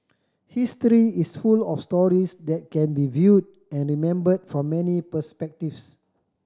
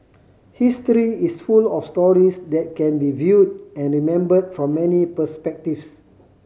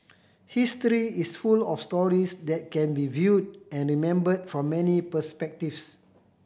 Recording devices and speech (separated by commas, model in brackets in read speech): standing microphone (AKG C214), mobile phone (Samsung C5010), boundary microphone (BM630), read sentence